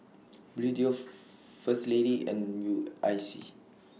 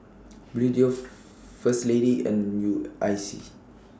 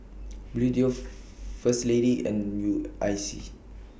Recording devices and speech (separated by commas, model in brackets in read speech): mobile phone (iPhone 6), standing microphone (AKG C214), boundary microphone (BM630), read sentence